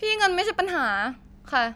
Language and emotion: Thai, angry